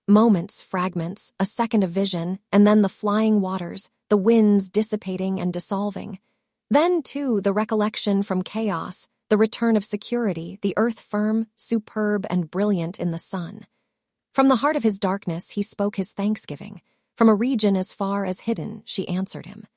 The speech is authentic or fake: fake